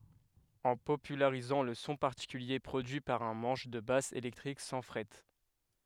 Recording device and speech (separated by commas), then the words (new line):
headset microphone, read sentence
En popularisant le son particulier produit par un manche de basse électrique sans frettes.